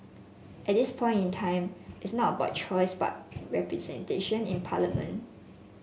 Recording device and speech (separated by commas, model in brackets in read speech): mobile phone (Samsung S8), read sentence